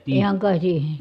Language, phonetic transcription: Finnish, ihaŋ käsin̬ .
- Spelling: ihan käsin

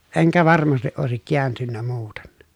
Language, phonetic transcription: Finnish, eŋkä varmastiʼ ʼòesik kiäntynnä muuten .
- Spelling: enkä varmasti olisi kääntynyt muuten

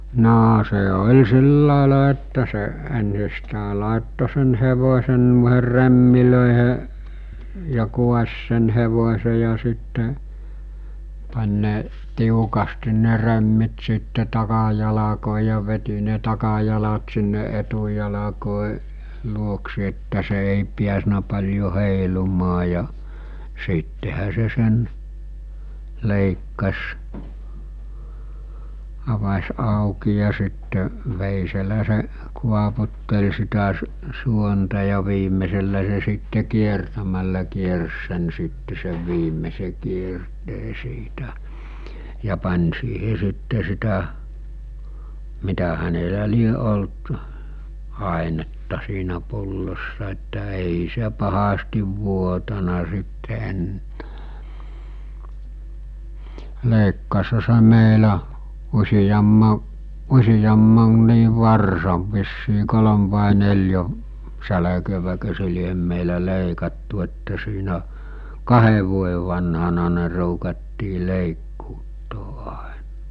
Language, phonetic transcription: Finnish, 'noo se ol̜ 'sillàela että se , 'ensistä̀e làetto sen 'hevos̜en nuoeher 'remmilö̀ehe’ , ja 'kuas̜ sen 'hevos̜e ja sitte , pań ne , 'tiukastin ne 'remmit sìtte takajalakòi ja veti ne takajalat sinne ’etujalakòi , luoksi̳ että se èi piäsnä paĺjo 'hèilumaa ja , 'siittehä se sen , 'lèikkas , 'avas̜ 'àuki ja sitte , 'vèiselä se , 'kuaputtel sitä s- , 'suonta ja 'viim̀esellä se sitte 'kiertämällä 'kiers sen sitte sev 'viim̀ese kiertee siitä , ja pań siihe sitte sitä , 'mitä hänelä lie 'olt , 'àenetta siinä 'pullossa että ei 'se 'pahastiv 'vuotana sitte en[ää] , 'leikkasha se 'meilä , usijamma , 'usijammanniiv 'varsav vissii 'kolom vàe 'nel̜jä , säläköväkö se liem meilä 'lèikattu että siinä , "kahev̆ vuojev vanhana ne ruukattii 'lèikkuuttoo ᴀᴇ[na] .
- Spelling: no se oli sillä lailla että se ensistään laittoi sen hevosen noihin remmeihin ja kaatoi sen hevosen ja sitten pani ne tiukasti ne remmit sitten takajalkoihin ja veti ne takajalat sinne etujalkojen luokse että se ei päässyt paljon heilumaan ja sittenhän se sen leikkasi avasi auki ja sitten veitsellä se kaaputteli sitä - suonta ja viimeisellä se sitten kiertämällä kiersi sen sitten sen viimeisen kierteen siitä ja pani siihen sitten sitä mitä hänellä lie ollut ainetta siinä pullossa että ei se pahasti vuotanut sitten enää leikkasihan se meillä useamman useamman varsan vissiin kolme vai neljä sälköäko se lie meillä leikattu että siinä kahden vuoden vanhana ne ruukattiin leikkuuttaa aina

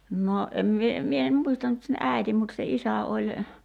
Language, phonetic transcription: Finnish, no , '’em mie , 'mie em 'muista nyt sen "ä̀i̬tim mut se 'isä oĺ ,.
- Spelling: no en minä minä en muista nyt sen äidin mutta se isä oli

